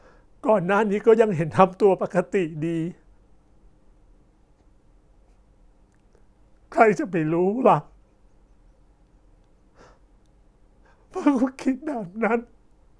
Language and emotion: Thai, sad